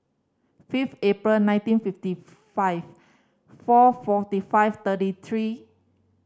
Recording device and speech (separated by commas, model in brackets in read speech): standing microphone (AKG C214), read sentence